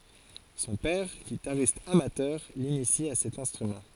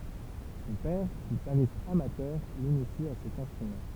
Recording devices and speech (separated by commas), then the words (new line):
forehead accelerometer, temple vibration pickup, read sentence
Son père, guitariste amateur, l'initie à cet instrument.